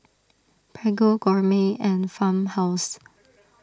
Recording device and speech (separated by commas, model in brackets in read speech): standing microphone (AKG C214), read sentence